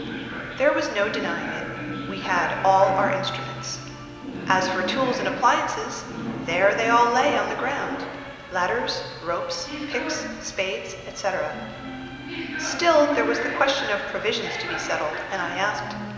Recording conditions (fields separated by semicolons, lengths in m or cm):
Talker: one person; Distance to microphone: 1.7 m; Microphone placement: close; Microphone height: 1.0 m; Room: very reverberant, large; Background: television